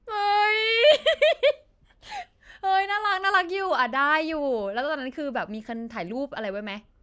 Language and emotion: Thai, happy